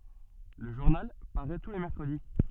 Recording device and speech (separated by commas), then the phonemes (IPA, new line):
soft in-ear microphone, read sentence
lə ʒuʁnal paʁɛ tu le mɛʁkʁədi